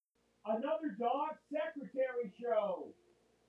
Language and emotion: English, neutral